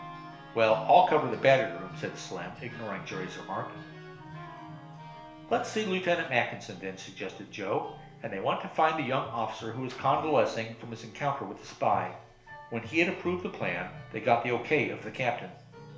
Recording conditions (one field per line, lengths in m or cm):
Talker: one person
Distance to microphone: 1.0 m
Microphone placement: close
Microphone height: 1.1 m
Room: small (3.7 m by 2.7 m)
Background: music